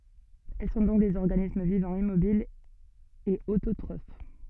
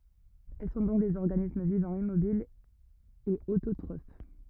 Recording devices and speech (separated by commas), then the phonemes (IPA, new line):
soft in-ear microphone, rigid in-ear microphone, read sentence
ɛl sɔ̃ dɔ̃k dez ɔʁɡanism vivɑ̃ immobil e ototʁof